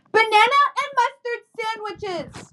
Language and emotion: English, angry